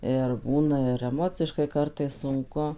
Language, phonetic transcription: Lithuanian, ir ˈbūna ir eˈmociškai ˈkartais sunˈku

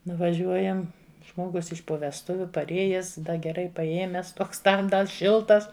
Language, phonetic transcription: Lithuanian, nuvaˈžiuojam ˈžmogus iš po vesˈtuviu parˈėjes ˈda geˈrai paˈėmes ˈtoks ˈtam ˈdar ˈšiltas

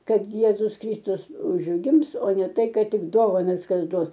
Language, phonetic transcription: Lithuanian, ˈkad ˈjėzus ˈkrystus užˈgims o ne ˈtai ˈkad ˈtik ˈdovanas ˈkas ˈduos

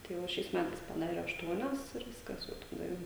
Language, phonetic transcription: Lithuanian, tai ˈva šiais ˈmætais paˈdare ašˈtuonias ir ˈviskas ˈjau taˈda jau

